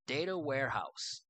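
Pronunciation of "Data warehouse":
'Data warehouse' is pronounced with an American accent.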